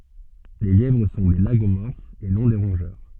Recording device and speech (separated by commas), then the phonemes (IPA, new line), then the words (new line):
soft in-ear microphone, read sentence
le ljɛvʁ sɔ̃ de laɡomɔʁfz e nɔ̃ de ʁɔ̃ʒœʁ
Les lièvres sont des Lagomorphes et non des Rongeurs.